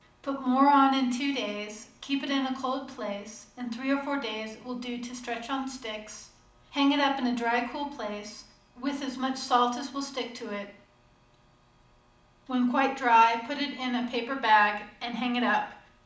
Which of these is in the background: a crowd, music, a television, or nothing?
Nothing.